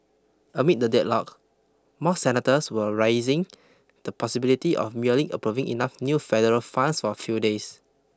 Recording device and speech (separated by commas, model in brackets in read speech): close-talking microphone (WH20), read sentence